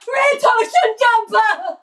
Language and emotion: English, fearful